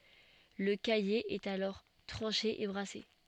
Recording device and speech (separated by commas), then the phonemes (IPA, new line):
soft in-ear microphone, read sentence
lə kaje ɛt alɔʁ tʁɑ̃ʃe e bʁase